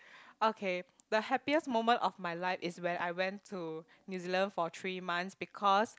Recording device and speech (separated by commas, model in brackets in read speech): close-talking microphone, conversation in the same room